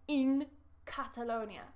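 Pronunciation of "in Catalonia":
In 'in Catalonia', the n of 'in' is said as a plain n sound. It does not change to an ng sound before the k of 'Catalonia'.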